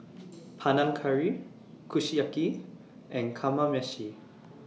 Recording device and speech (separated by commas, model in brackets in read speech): mobile phone (iPhone 6), read sentence